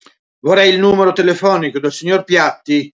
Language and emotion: Italian, angry